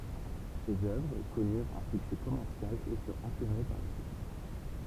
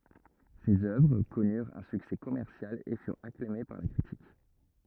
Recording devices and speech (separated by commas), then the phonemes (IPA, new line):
temple vibration pickup, rigid in-ear microphone, read sentence
sez œvʁ kɔnyʁt œ̃ syksɛ kɔmɛʁsjal e fyʁt aklame paʁ la kʁitik